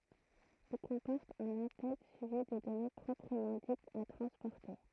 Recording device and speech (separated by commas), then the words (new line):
throat microphone, read sentence
Il comporte un en-tête suivi des données proprement dites à transporter.